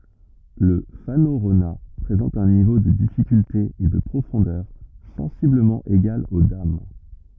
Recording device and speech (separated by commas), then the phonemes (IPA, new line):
rigid in-ear microphone, read sentence
lə fanoʁona pʁezɑ̃t œ̃ nivo də difikylte e də pʁofɔ̃dœʁ sɑ̃sibləmɑ̃ eɡal o dam